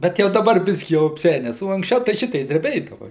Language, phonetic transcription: Lithuanian, bet ˈjau daˈbar ˈbiskį jau apˈsenes o anksˈčiau tai ˈšitei dreˈbėdava

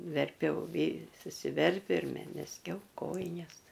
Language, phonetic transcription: Lithuanian, verˈpiau vy susiˈverpiu ir me mezˈgiau ˈkojines

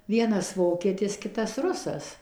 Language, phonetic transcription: Lithuanian, ˈvienas ˈvoketis ˈkitas ˈrusas

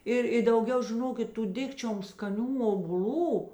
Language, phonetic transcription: Lithuanian, ˈir i dauˈgiau žiˈnokit ˈtų ˈdikčiom skaˈnių obuˈl'ų

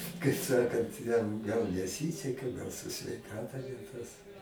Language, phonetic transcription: Lithuanian, kai ˈsakant jam gal neˈsyseka gal su sveiˈkata ne ˈtas

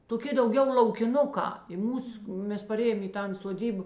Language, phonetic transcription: Lithuanian, toˈki dauˈgiau laukiˈnukā i ˈmūs ˈmes paˈrėjom i ˈtan soˈdyb

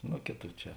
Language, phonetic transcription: Lithuanian, ˈno ˈkėˌtų ˈčia

